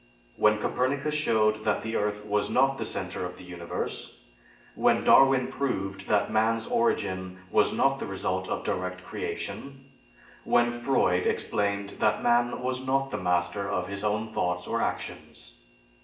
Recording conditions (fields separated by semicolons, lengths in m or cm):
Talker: one person; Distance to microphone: 1.8 m; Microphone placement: close; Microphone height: 1.0 m; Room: large; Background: none